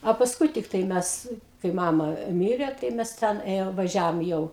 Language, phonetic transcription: Lithuanian, a pasˈkui tikˈtai ˈmes kai ˈmama ˈmirė tai ˈmes ˈten ˈėjom vaˈžiavom jau

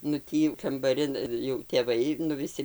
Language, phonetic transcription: Lithuanian, nu ˈtį jau kambaˈrin jau tėˈvai nu viˈsi

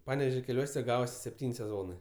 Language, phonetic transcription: Lithuanian, ˈpanevežio keˈliuose ˈgavosi sepˈtyn' seˈzonɜ

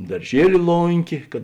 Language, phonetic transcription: Lithuanian, darˈžieli ˈlonkė kad

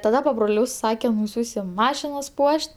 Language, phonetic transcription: Lithuanian, taˈda pabroˈlius ˈsakem nuˈsiųsim ˈmašinas ˈpuoš't'

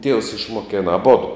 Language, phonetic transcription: Lithuanian, tievs išmoˈkėna aˈbodo

